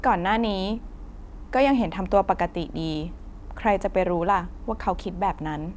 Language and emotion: Thai, neutral